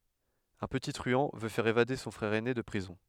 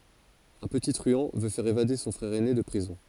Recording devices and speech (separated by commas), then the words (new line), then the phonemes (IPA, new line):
headset microphone, forehead accelerometer, read sentence
Un petit truand veut faire évader son frère aîné de prison.
œ̃ pəti tʁyɑ̃ vø fɛʁ evade sɔ̃ fʁɛʁ ɛne də pʁizɔ̃